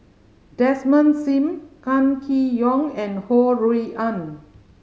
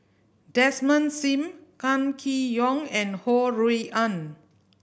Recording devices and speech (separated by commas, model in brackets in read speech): mobile phone (Samsung C5010), boundary microphone (BM630), read sentence